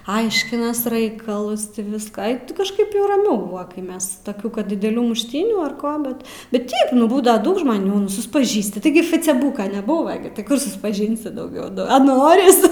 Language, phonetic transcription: Lithuanian, ˈaiškinas ˈraikalus ˈti ˈviską ai ˈti kažˈkaip jau raˈmiau ˈbuva kai ˈmes taˈkių ˈkad dideˈlių mušˈtynių ar ˈko ˈbet ˈbet ˈteip nu ˈbūdava ˈdaug žmaˈnių nu suspaˈžįsti taiˈgi faceˈbūka neˈbūva gi ti ˈkur suspaˈžinsi dauˈgiau ˈnu a ˈnoris

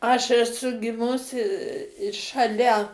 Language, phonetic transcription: Lithuanian, aš eˈsu giˈmusi šaˈlia

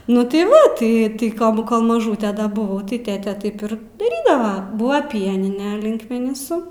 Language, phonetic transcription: Lithuanian, nu tai ˈva tai tai ˈkol bu kol maˈžūte da buˈvau tai ˈtėtė ˈtaip ir daˈrydava ˈbūva ˈpienine linkmeniˈsu

